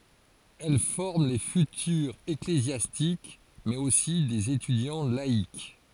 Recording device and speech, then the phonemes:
forehead accelerometer, read sentence
ɛl fɔʁm le fytyʁz eklezjastik mɛz osi dez etydjɑ̃ laik

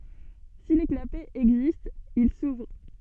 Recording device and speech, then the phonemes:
soft in-ear microphone, read sentence
si le klapɛz ɛɡzistt il suvʁ

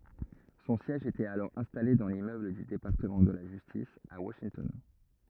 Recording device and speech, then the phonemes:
rigid in-ear microphone, read sentence
sɔ̃ sjɛʒ etɛt alɔʁ ɛ̃stale dɑ̃ limmøbl dy depaʁtəmɑ̃ də la ʒystis a waʃintɔn

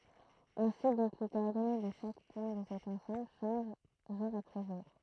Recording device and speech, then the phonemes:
throat microphone, read sentence
ɛ̃si dɔ̃k le kɔɔʁdɔne də ʃak pwɛ̃ də sɛt ɑ̃sɑ̃bl ʃɑ̃ʒ ʒuʁ apʁɛ ʒuʁ

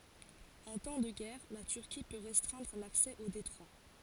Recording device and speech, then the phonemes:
forehead accelerometer, read sentence
ɑ̃ tɑ̃ də ɡɛʁ la tyʁki pø ʁɛstʁɛ̃dʁ laksɛ o detʁwa

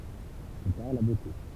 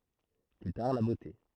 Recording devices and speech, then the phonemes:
temple vibration pickup, throat microphone, read sentence
ply taʁ la bote

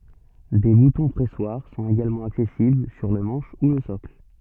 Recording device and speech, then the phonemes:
soft in-ear microphone, read sentence
de butɔ̃ pʁɛswaʁ sɔ̃t eɡalmɑ̃ aksɛsibl syʁ lə mɑ̃ʃ u lə sɔkl

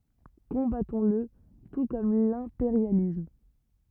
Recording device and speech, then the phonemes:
rigid in-ear microphone, read sentence
kɔ̃batɔ̃sl tu kɔm lɛ̃peʁjalism

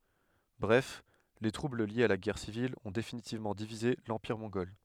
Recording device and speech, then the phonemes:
headset microphone, read sentence
bʁɛf le tʁubl ljez a la ɡɛʁ sivil ɔ̃ definitivmɑ̃ divize lɑ̃piʁ mɔ̃ɡɔl

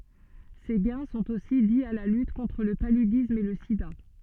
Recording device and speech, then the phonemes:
soft in-ear microphone, read sentence
se ɡɛ̃ sɔ̃t osi di a la lyt kɔ̃tʁ lə palydism e lə sida

